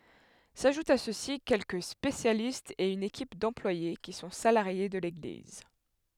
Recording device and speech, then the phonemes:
headset microphone, read sentence
saʒutt a sø si kɛlkə spesjalistz e yn ekip dɑ̃plwaje ki sɔ̃ salaʁje də leɡliz

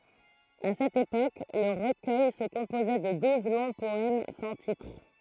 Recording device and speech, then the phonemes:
throat microphone, read sentence
a sɛt epok lə ʁəkœj sə kɔ̃pozɛ də duz lɔ̃ pɔɛm sɑ̃ titʁ

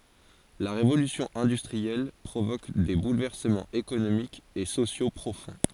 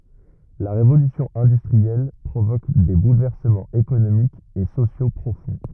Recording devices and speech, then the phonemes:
forehead accelerometer, rigid in-ear microphone, read sentence
la ʁevolysjɔ̃ ɛ̃dystʁiɛl pʁovok de bulvɛʁsəmɑ̃z ekonomikz e sosjo pʁofɔ̃

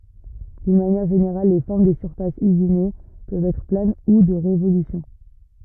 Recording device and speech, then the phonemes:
rigid in-ear microphone, read sentence
dyn manjɛʁ ʒeneʁal le fɔʁm de syʁfasz yzine pøvt ɛtʁ plan u də ʁevolysjɔ̃

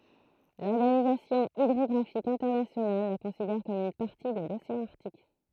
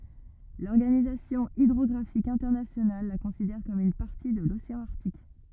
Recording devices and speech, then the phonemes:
throat microphone, rigid in-ear microphone, read sentence
lɔʁɡanizasjɔ̃ idʁɔɡʁafik ɛ̃tɛʁnasjonal la kɔ̃sidɛʁ kɔm yn paʁti də loseɑ̃ aʁtik

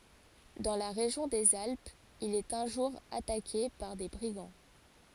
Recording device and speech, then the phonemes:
forehead accelerometer, read sentence
dɑ̃ la ʁeʒjɔ̃ dez alpz il ɛt œ̃ ʒuʁ atake paʁ de bʁiɡɑ̃

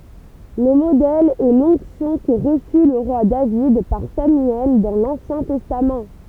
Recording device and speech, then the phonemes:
temple vibration pickup, read sentence
lə modɛl ɛ lɔ̃ksjɔ̃ kə ʁəsy lə ʁwa david paʁ samyɛl dɑ̃ lɑ̃sjɛ̃ tɛstam

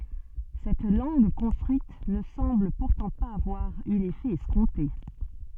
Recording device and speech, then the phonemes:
soft in-ear microphone, read sentence
sɛt lɑ̃ɡ kɔ̃stʁyit nə sɑ̃bl puʁtɑ̃ paz avwaʁ y lefɛ ɛskɔ̃te

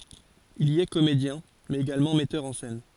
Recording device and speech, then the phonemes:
forehead accelerometer, read sentence
il i ɛ komedjɛ̃ mɛz eɡalmɑ̃ mɛtœʁ ɑ̃ sɛn

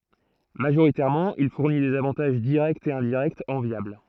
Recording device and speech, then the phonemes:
throat microphone, read sentence
maʒoʁitɛʁmɑ̃ il fuʁni dez avɑ̃taʒ diʁɛktz e ɛ̃diʁɛktz ɑ̃vjabl

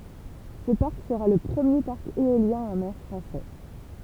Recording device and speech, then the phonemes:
temple vibration pickup, read sentence
sə paʁk səʁa lə pʁəmje paʁk eoljɛ̃ ɑ̃ mɛʁ fʁɑ̃sɛ

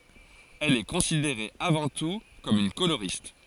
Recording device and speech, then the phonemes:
forehead accelerometer, read sentence
ɛl ɛ kɔ̃sideʁe avɑ̃ tu kɔm yn koloʁist

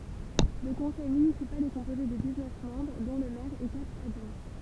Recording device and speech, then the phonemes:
temple vibration pickup, read sentence
lə kɔ̃sɛj mynisipal ɛ kɔ̃poze də diz nœf mɑ̃bʁ dɔ̃ lə mɛʁ e katʁ adʒwɛ̃

